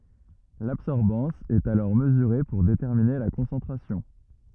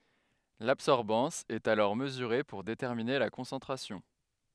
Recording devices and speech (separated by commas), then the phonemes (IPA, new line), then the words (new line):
rigid in-ear microphone, headset microphone, read sentence
labsɔʁbɑ̃s ɛt alɔʁ məzyʁe puʁ detɛʁmine la kɔ̃sɑ̃tʁasjɔ̃
L'absorbance est alors mesurée pour déterminer la concentration.